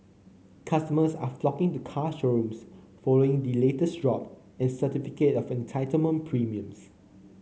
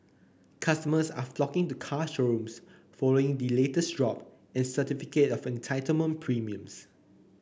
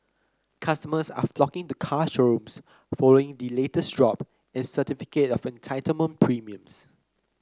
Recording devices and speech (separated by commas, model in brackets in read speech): mobile phone (Samsung C9), boundary microphone (BM630), close-talking microphone (WH30), read sentence